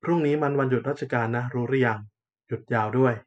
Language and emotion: Thai, neutral